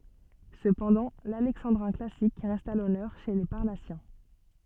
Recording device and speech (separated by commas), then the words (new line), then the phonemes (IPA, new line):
soft in-ear microphone, read sentence
Cependant, l'alexandrin classique reste à l'honneur chez les Parnassiens.
səpɑ̃dɑ̃ lalɛksɑ̃dʁɛ̃ klasik ʁɛst a lɔnœʁ ʃe le paʁnasjɛ̃